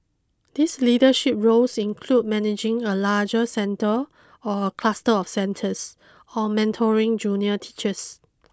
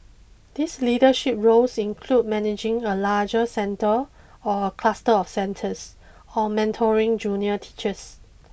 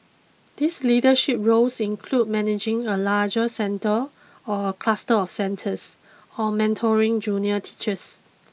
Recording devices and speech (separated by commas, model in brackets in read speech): close-talking microphone (WH20), boundary microphone (BM630), mobile phone (iPhone 6), read sentence